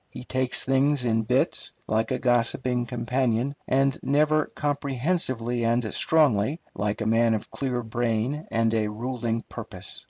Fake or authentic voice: authentic